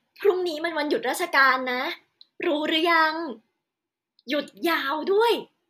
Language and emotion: Thai, happy